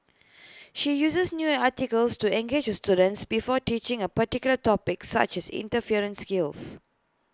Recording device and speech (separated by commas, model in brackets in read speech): close-talking microphone (WH20), read sentence